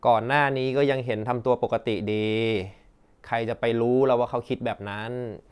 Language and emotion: Thai, frustrated